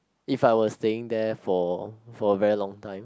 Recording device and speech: close-talking microphone, conversation in the same room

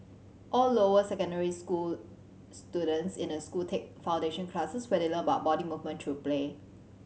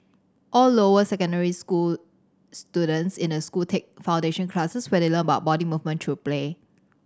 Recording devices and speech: mobile phone (Samsung C7100), standing microphone (AKG C214), read sentence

